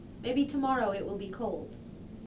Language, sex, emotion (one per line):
English
female
neutral